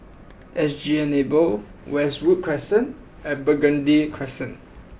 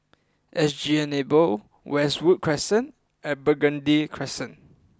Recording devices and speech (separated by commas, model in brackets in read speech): boundary microphone (BM630), close-talking microphone (WH20), read sentence